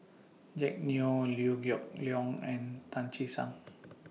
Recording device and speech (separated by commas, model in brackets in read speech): mobile phone (iPhone 6), read sentence